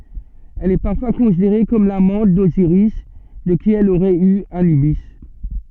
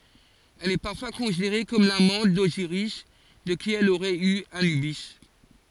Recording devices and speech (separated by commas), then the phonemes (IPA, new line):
soft in-ear microphone, forehead accelerometer, read sentence
ɛl ɛ paʁfwa kɔ̃sideʁe kɔm lamɑ̃t doziʁis də ki ɛl oʁɛt y anybi